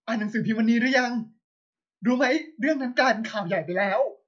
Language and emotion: Thai, sad